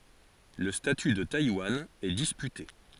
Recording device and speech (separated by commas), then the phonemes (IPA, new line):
forehead accelerometer, read sentence
lə staty də tajwan ɛ dispyte